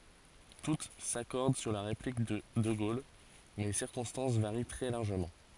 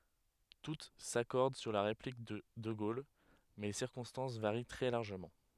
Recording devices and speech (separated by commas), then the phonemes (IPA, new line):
forehead accelerometer, headset microphone, read sentence
tut sakɔʁd syʁ la ʁeplik də də ɡol mɛ le siʁkɔ̃stɑ̃s vaʁi tʁɛ laʁʒəmɑ̃